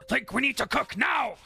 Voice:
Gruff Voice